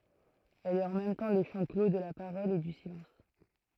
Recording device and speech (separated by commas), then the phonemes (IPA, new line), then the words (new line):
throat microphone, read sentence
ɛl ɛt ɑ̃ mɛm tɑ̃ lə ʃɑ̃ klo də la paʁɔl e dy silɑ̃s
Elle est en même temps le champ clos de la parole et du silence.